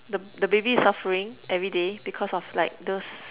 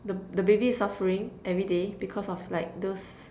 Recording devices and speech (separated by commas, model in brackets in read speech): telephone, standing microphone, conversation in separate rooms